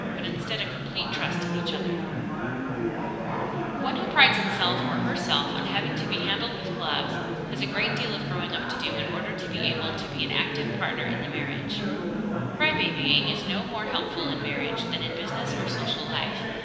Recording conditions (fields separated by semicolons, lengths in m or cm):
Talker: one person; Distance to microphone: 1.7 m; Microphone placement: close; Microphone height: 1.0 m; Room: very reverberant, large; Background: babble